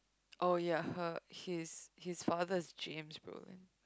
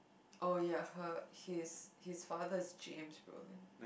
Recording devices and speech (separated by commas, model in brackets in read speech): close-talking microphone, boundary microphone, conversation in the same room